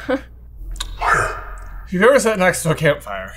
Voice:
Sulphur-y tone